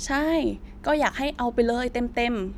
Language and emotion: Thai, neutral